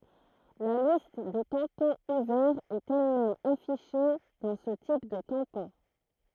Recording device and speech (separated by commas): throat microphone, read sentence